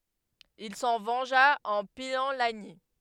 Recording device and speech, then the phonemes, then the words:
headset microphone, read sentence
il sɑ̃ vɑ̃ʒa ɑ̃ pijɑ̃ laɲi
Il s'en vengea en pillant Lagny.

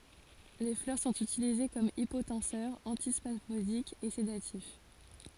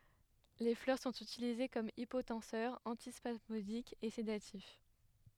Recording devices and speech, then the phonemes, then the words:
forehead accelerometer, headset microphone, read sentence
le flœʁ sɔ̃t ytilize kɔm ipotɑ̃sœʁ ɑ̃tispasmodik e sedatif
Les fleurs sont utilisées comme hypotenseur, antispasmodique et sédatif.

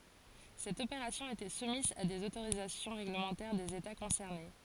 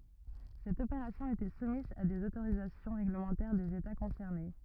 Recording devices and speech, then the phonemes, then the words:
forehead accelerometer, rigid in-ear microphone, read sentence
sɛt opeʁasjɔ̃ etɛ sumiz a dez otoʁizasjɔ̃ ʁeɡləmɑ̃tɛʁ dez eta kɔ̃sɛʁne
Cette opération était soumise à des autorisations réglementaires des États concernés.

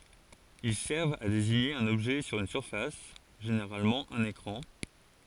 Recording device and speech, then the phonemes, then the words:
forehead accelerometer, read sentence
il sɛʁvt a deziɲe œ̃n ɔbʒɛ syʁ yn syʁfas ʒeneʁalmɑ̃ œ̃n ekʁɑ̃
Ils servent à désigner un objet sur une surface — généralement un écran.

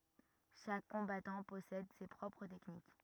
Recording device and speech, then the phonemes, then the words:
rigid in-ear microphone, read sentence
ʃak kɔ̃batɑ̃ pɔsɛd se pʁɔpʁ tɛknik
Chaque combattant possède ses propres techniques.

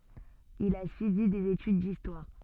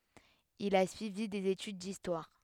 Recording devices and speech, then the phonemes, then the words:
soft in-ear microphone, headset microphone, read sentence
il a syivi dez etyd distwaʁ
Il a suivi des études d'histoire.

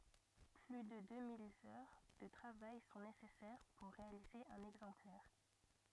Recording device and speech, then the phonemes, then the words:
rigid in-ear microphone, read sentence
ply də dø mil œʁ də tʁavaj sɔ̃ nesɛsɛʁ puʁ ʁealize œ̃n ɛɡzɑ̃plɛʁ
Plus de deux mille heures de travail sont nécessaires pour réaliser un exemplaire.

